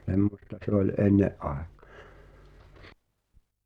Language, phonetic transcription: Finnish, (s)emmosta se ‿oĺ "’enne’ ’àekᴀ̀ .
- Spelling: semmoista se oli ennen aikaan

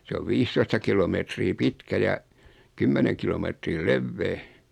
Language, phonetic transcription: Finnish, 'se ov "viistoista 'kilometrii 'pitkä ja , 'kymmeneŋ kilometrii "levvee .
- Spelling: se on viisitoista kilometriä pitkä ja kymmenen kilometriä leveä

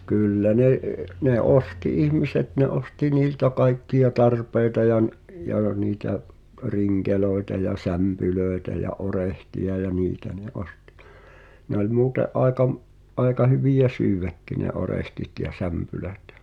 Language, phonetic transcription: Finnish, 'kỳllä "ne’ , 'ne "’osti "ihmiset ne 'osti "niiltä 'kaikki₍a "tarpeita ja n- , jà niitä , "riŋkelòeta ja "sämpylö̀etä ja 'orehti₍a ja "niitä ne 'ostɪ , ne ‿oĺ 'muute’ '’aeka m- , '’aeka hyvijä "syyväkki ne 'orehtit ja 'sämpylät .
- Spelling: kyllä ne ne osti ihmiset ne osti niiltä kaikkia tarpeita ja - ja niitä rinkeleitä ja sämpylöitä ja orehteja ja niitä ne osti ne oli muuten aika - aika hyviä syödäkin ne orehtit ja sämpylät

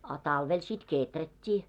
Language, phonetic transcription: Finnish, a 'talvel sit "kèträt́t́ii .
- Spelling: a talvella sitten kehrättiin

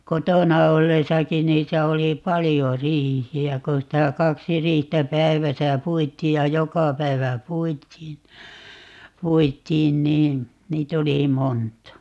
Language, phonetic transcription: Finnish, "kotona 'ollesakin̆ 'niitä 'oli "palijo "riihi₍ä kon sitä 'kaksi "riihtä 'päiväsä "puit̆tii ja "joka 'päi̮vä "puit̆tiin , 'puit̆tiin 'nii , 'niit ‿oli "monta .
- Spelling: kotona ollessakin niitä oli paljon riihiä kun sitä kaksi riihtä päivässä puitiin ja joka päivä puitiin puitiin niin niitä oli monta

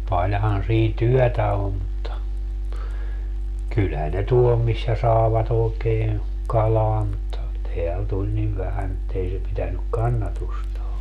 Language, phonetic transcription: Finnish, 'paĺhan siin "tyɔ̈̀tä om mutta , 'kylhän ne 'tuol missä 'saevat ‿ookeeè , 'kalaa mutta , 'teäl 'tuĺ niv 'vähän ‿ettei se pitänyk "kannatustaa .
- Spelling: paljonhan siinä työtä on mutta kyllähän ne tuolla missä saivat oikein kalaa mutta täällä tuli niin vähän että ei se pitänyt kannatustaan

